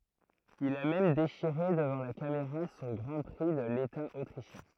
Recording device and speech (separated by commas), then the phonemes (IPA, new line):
throat microphone, read sentence
il a mɛm deʃiʁe dəvɑ̃ la kameʁa sɔ̃ ɡʁɑ̃ pʁi də leta otʁiʃjɛ̃